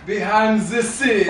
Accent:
with german accent